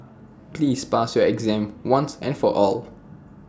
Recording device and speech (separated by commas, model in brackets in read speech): standing microphone (AKG C214), read sentence